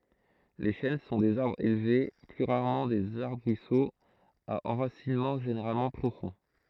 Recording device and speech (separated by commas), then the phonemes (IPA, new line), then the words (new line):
throat microphone, read sentence
le ʃɛn sɔ̃ dez aʁbʁz elve ply ʁaʁmɑ̃ dez aʁbʁisoz a ɑ̃ʁasinmɑ̃ ʒeneʁalmɑ̃ pʁofɔ̃
Les chênes sont des arbres élevés, plus rarement des arbrisseaux, à enracinement généralement profond.